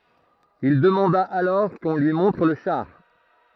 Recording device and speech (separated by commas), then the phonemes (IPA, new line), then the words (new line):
throat microphone, read sentence
il dəmɑ̃da alɔʁ kɔ̃ lyi mɔ̃tʁ lə ʃaʁ
Il demanda alors qu’on lui montre le char.